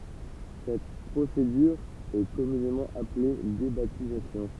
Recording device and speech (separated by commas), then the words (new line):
temple vibration pickup, read sentence
Cette procédure est communément appelée débaptisation.